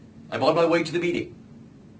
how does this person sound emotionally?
neutral